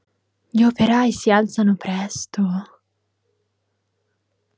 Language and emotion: Italian, surprised